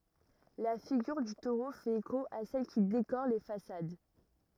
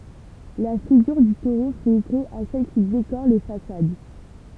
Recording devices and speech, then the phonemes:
rigid in-ear microphone, temple vibration pickup, read sentence
la fiɡyʁ dy toʁo fɛt eko a sɛl ki dekoʁ le fasad

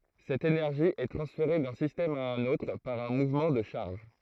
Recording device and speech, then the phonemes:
throat microphone, read sentence
sɛt enɛʁʒi ɛ tʁɑ̃sfeʁe dœ̃ sistɛm a œ̃n otʁ paʁ œ̃ muvmɑ̃ də ʃaʁʒ

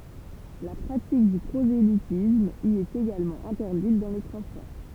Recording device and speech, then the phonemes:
temple vibration pickup, read sentence
la pʁatik dy pʁozelitism i ɛt eɡalmɑ̃ ɛ̃tɛʁdit dɑ̃ le tʁɑ̃spɔʁ

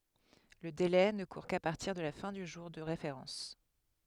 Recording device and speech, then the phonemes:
headset microphone, read sentence
lə dele nə kuʁ ka paʁtiʁ də la fɛ̃ dy ʒuʁ də ʁefeʁɑ̃s

